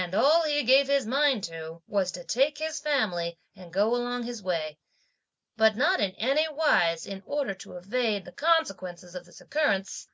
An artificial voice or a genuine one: genuine